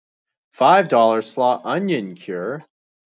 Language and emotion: English, disgusted